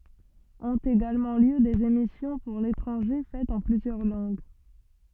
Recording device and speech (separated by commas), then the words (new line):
soft in-ear microphone, read sentence
Ont également lieu des émissions pour l’étranger faites en plusieurs langues.